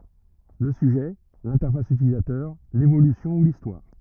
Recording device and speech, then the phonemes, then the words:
rigid in-ear microphone, read sentence
lə syʒɛ lɛ̃tɛʁfas ytilizatœʁ levolysjɔ̃ u listwaʁ
Le sujet, l'interface utilisateur, l'évolution ou l'histoire.

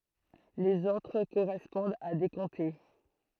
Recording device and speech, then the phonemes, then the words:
throat microphone, read sentence
lez otʁ koʁɛspɔ̃dt a de kɔ̃te
Les autres correspondent à des comtés.

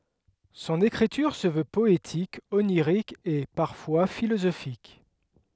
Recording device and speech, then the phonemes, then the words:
headset microphone, read sentence
sɔ̃n ekʁityʁ sə vø pɔetik oniʁik e paʁfwa filozofik
Son écriture se veut poétique, onirique et, parfois, philosophique.

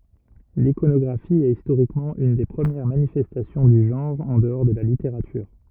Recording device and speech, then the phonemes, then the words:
rigid in-ear microphone, read sentence
likonɔɡʁafi ɛt istoʁikmɑ̃ yn de pʁəmjɛʁ manifɛstasjɔ̃ dy ʒɑ̃ʁ ɑ̃ dəɔʁ də la liteʁatyʁ
L'iconographie est historiquement une des premières manifestations du genre en dehors de la littérature.

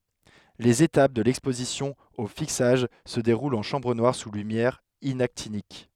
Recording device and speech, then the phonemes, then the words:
headset microphone, read sentence
lez etap də lɛkspozisjɔ̃ o fiksaʒ sə deʁult ɑ̃ ʃɑ̃bʁ nwaʁ su lymjɛʁ inaktinik
Les étapes de l'exposition au fixage se déroulent en chambre noire sous lumière inactinique.

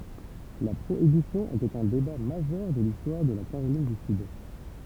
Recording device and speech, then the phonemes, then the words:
temple vibration pickup, read sentence
la pʁoibisjɔ̃ etɛt œ̃ deba maʒœʁ də listwaʁ də la kaʁolin dy syd
La Prohibition était un débat majeur de l'histoire de la Caroline du Sud.

